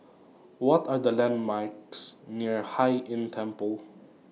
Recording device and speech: mobile phone (iPhone 6), read sentence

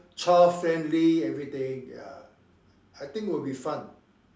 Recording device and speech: standing microphone, conversation in separate rooms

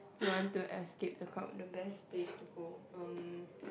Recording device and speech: boundary microphone, conversation in the same room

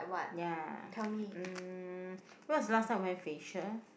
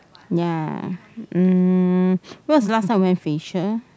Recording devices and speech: boundary microphone, close-talking microphone, conversation in the same room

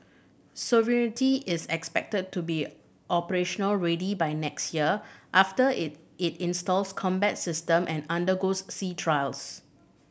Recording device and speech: boundary microphone (BM630), read sentence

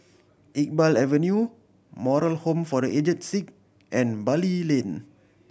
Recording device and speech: boundary microphone (BM630), read sentence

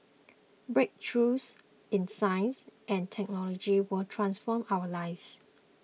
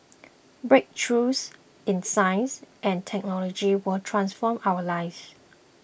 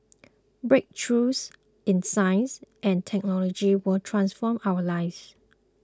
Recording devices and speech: mobile phone (iPhone 6), boundary microphone (BM630), close-talking microphone (WH20), read sentence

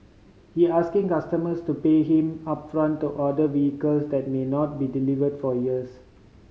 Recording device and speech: mobile phone (Samsung C5010), read sentence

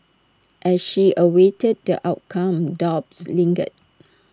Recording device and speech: standing microphone (AKG C214), read sentence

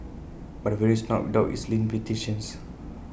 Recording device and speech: boundary microphone (BM630), read sentence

